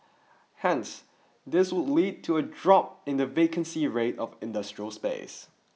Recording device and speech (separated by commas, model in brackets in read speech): mobile phone (iPhone 6), read sentence